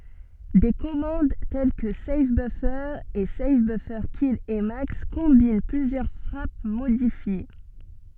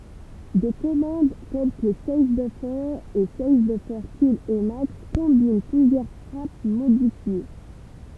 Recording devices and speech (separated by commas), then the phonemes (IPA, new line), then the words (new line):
soft in-ear microphone, temple vibration pickup, read sentence
de kɔmɑ̃d tɛl kə sav bøfœʁ e sav bøfœʁ kil imaks kɔ̃bin plyzjœʁ fʁap modifje
Des commandes telles que save-buffer et save-buffers-kill-emacs combinent plusieurs frappes modifiées.